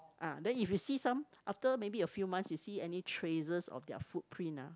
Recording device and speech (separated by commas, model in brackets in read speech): close-talking microphone, conversation in the same room